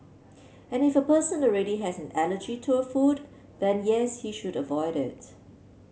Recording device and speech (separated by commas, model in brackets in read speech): mobile phone (Samsung C7), read sentence